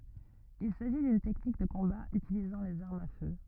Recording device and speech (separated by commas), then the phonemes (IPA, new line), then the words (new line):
rigid in-ear microphone, read sentence
il saʒi dyn tɛknik də kɔ̃ba ytilizɑ̃ lez aʁmz a fø
Il s'agit d'une technique de combat utilisant les armes à feu.